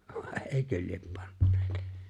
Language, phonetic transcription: Finnish, vàe '’eeⁱkö liep 'panneet .
- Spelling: vai eikö lie panneet

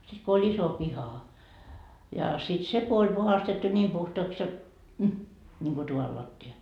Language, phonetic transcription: Finnish, sit ko oĺ 'iso 'piha , ja sit 'se ko oĺ puhastettu 'ńiim puhtoaks jot , m- , 'ńiŋko 'tuval latti₍a .
- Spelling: sitten kun oli iso piha ja sitten se kun oli puhdistettu niin puhtaaksi jotta - niin kuin tuvan lattia

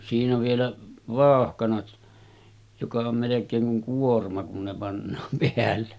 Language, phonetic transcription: Finnish, siinä vielä , 'vàohkanat , joka om melek̆keeŋ kuŋ 'kuorma kun ne pannaam peälle .
- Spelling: siinä vielä vauhkanat joka on melkein kuin kuorma kun ne pannaan päälle

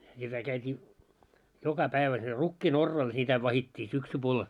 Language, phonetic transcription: Finnish, ja kä- käyt́ii , 'joka päivä siel 'rukkii"n ‿orraal 'sitä vahit́t́ii 'syksupuol .
- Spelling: ja - käytiin joka päivä siellä rukkiin oraalla sitä vahdittiin syksypuoli

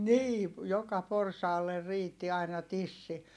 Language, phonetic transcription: Finnish, nii , joka porsaaler riitti aina tissi .
- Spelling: niin joka porsaalle riitti aina tissi

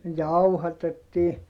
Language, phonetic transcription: Finnish, jauhatettii .
- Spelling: jauhatettiin

